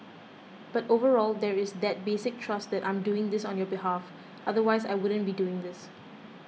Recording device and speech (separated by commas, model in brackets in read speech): mobile phone (iPhone 6), read sentence